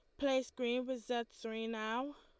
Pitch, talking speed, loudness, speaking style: 245 Hz, 185 wpm, -39 LUFS, Lombard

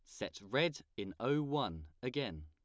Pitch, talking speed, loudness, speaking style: 100 Hz, 160 wpm, -38 LUFS, plain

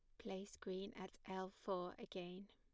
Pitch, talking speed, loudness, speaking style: 190 Hz, 155 wpm, -50 LUFS, plain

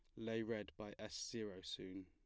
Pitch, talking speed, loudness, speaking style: 105 Hz, 195 wpm, -47 LUFS, plain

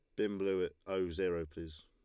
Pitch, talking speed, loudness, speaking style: 90 Hz, 220 wpm, -38 LUFS, Lombard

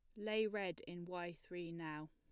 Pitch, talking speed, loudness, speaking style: 175 Hz, 190 wpm, -44 LUFS, plain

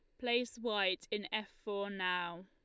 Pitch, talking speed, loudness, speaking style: 205 Hz, 160 wpm, -37 LUFS, Lombard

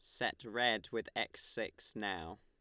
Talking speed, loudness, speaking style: 165 wpm, -38 LUFS, Lombard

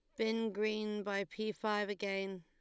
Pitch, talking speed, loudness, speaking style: 210 Hz, 165 wpm, -38 LUFS, Lombard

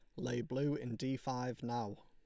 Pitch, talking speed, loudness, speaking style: 125 Hz, 200 wpm, -40 LUFS, Lombard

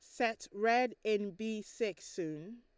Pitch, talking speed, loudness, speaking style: 220 Hz, 150 wpm, -36 LUFS, Lombard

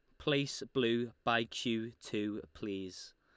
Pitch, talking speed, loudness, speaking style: 115 Hz, 120 wpm, -36 LUFS, Lombard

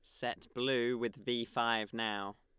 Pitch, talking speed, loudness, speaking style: 115 Hz, 165 wpm, -36 LUFS, Lombard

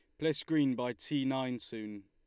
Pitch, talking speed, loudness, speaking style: 130 Hz, 195 wpm, -34 LUFS, Lombard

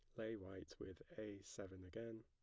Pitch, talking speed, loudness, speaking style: 105 Hz, 175 wpm, -53 LUFS, plain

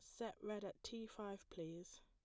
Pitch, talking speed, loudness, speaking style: 210 Hz, 195 wpm, -51 LUFS, plain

